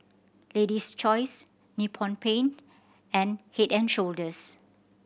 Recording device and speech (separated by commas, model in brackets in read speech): boundary microphone (BM630), read sentence